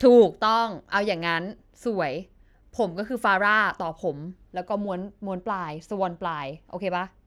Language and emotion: Thai, happy